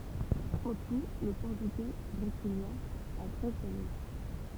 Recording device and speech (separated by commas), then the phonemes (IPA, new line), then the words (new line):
temple vibration pickup, read sentence
ɑ̃ tu lə pɔʁtyɡɛ bʁeziljɛ̃ a tʁɛz vwajɛl
En tout, le portugais brésilien a treize voyelles.